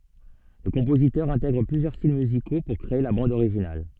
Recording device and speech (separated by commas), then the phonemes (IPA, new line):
soft in-ear microphone, read sentence
lə kɔ̃pozitœʁ ɛ̃tɛɡʁ plyzjœʁ stil myziko puʁ kʁee la bɑ̃d oʁiʒinal